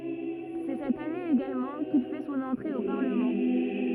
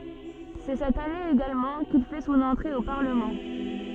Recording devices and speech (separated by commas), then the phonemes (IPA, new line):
rigid in-ear microphone, soft in-ear microphone, read sentence
sɛ sɛt ane eɡalmɑ̃ kil fɛ sɔ̃n ɑ̃tʁe o paʁləmɑ̃